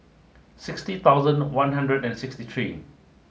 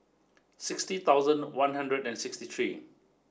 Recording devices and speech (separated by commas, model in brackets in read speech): mobile phone (Samsung S8), standing microphone (AKG C214), read sentence